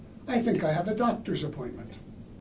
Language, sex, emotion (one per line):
English
male
neutral